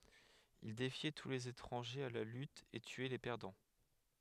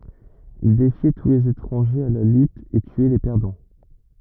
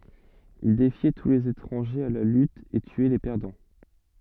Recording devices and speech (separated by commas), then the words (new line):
headset microphone, rigid in-ear microphone, soft in-ear microphone, read sentence
Il défiait tous les étrangers à la lutte et tuait les perdants.